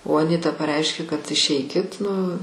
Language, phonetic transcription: Lithuanian, o aˈnita paˈreiškė kad išˈeikit nu

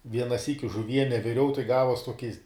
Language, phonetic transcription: Lithuanian, ˈviena ˈsyki žuˈviene viˈriau tai ˈgavuos ˈtuokis

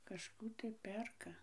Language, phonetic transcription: Lithuanian, kažˈkų tai ˈperka

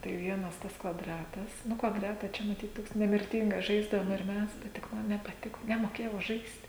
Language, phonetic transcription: Lithuanian, tai ˈvienas ˈtas kvaˈdratas ˈnu kvaˈdrata ˈčia maˈtyt ˈtoks nemirˈtingas ˈžaisdavom ir ˈmes tai tik ˈman nepaˈtiko nemoˈkėjau ˈžaist

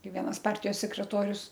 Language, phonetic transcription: Lithuanian, ˈkai ˈvienas ˈpartijos sekreˈtorius

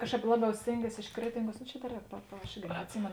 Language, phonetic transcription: Lithuanian, ˈkažˌkāp ˈlaˌbiau ˈstėnˌgies iš ˈkretinˌguos no čia da ˈrēk pa pa aš ˈirgi neatˈsimėno

